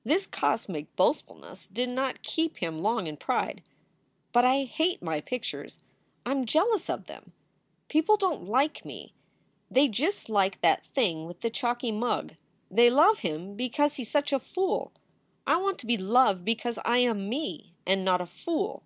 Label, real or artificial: real